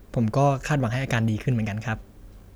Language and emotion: Thai, neutral